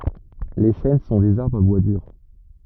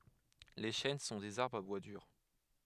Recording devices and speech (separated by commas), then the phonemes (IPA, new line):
rigid in-ear microphone, headset microphone, read sentence
le ʃɛn sɔ̃ dez aʁbʁz a bwa dyʁ